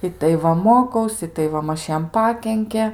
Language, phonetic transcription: Lithuanian, ˈitai ˈva moˈkaus itai ˈva ˈmaž ˈjam ˈpakenke

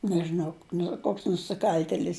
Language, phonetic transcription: Lithuanian, nežiˈnau ˈnu ˈkoks nusiˈkal'telis

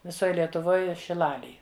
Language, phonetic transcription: Lithuanian, viˈsoj lietuˈvoj šiˈlalėj

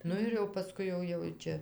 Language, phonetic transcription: Lithuanian, ˈnu ir jau paˈskui ˈjau jau ˈčia

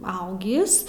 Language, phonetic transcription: Lithuanian, ˈaugis

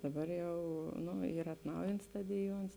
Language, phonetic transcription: Lithuanian, daˈbar ˈjau ˈnu ˈyr atˈnaujints ˈstadiˌjuons

